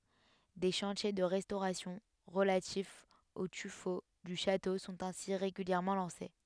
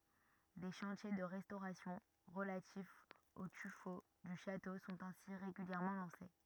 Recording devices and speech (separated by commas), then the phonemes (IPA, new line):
headset microphone, rigid in-ear microphone, read sentence
de ʃɑ̃tje də ʁɛstoʁasjɔ̃ ʁəlatifz o tyfo dy ʃato sɔ̃t ɛ̃si ʁeɡyljɛʁmɑ̃ lɑ̃se